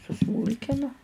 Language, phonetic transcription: Lithuanian, suˈsmūlkinu

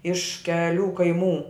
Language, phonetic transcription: Lithuanian, iš keˈlių kaiˈmų

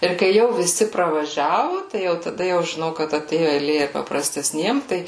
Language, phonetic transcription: Lithuanian, ir kai ˈjau viˈsi pravaˈžiavu tai jau taˈda jau žiˈnau kad aˈtėju eiˈlė ir paprastesˈniem ˈtai

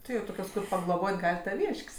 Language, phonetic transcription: Lithuanian, ˈti ˈjau ˈtokios kur pagloˈbot' ˈgal' taˈvyšk's'

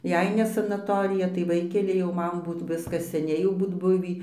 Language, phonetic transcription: Lithuanian, ˈjei ne sanaˈtorija tai ˈvaikeli jau ˈman ˈbūt ˈviskas seˈniai jau ˈbūt ˈbuvį

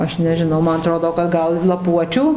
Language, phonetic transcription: Lithuanian, ˈaš nežiˈnau ˈman aˈtrodo kad ˈgal laˈpuočiu

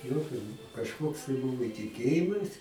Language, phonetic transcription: Lithuanian, ˈjokio kažˈkoks tai ˈbuvo tiˈkėjimas

